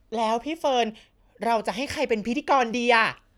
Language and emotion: Thai, happy